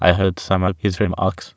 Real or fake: fake